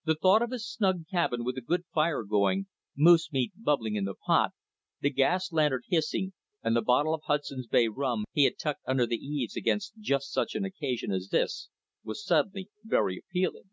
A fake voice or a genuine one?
genuine